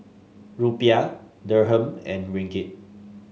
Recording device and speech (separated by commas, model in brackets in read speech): mobile phone (Samsung S8), read sentence